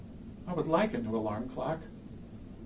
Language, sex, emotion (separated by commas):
English, male, neutral